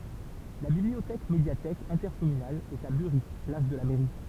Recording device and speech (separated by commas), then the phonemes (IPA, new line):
temple vibration pickup, read sentence
la bibliotɛk medjatɛk ɛ̃tɛʁkɔmynal ɛt a byʁi plas də la mɛʁi